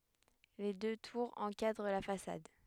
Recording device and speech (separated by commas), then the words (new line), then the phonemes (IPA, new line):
headset microphone, read sentence
Les deux tours encadrent la façade.
le dø tuʁz ɑ̃kadʁ la fasad